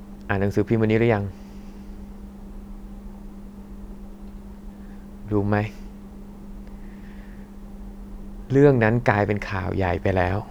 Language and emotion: Thai, frustrated